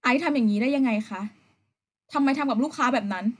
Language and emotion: Thai, frustrated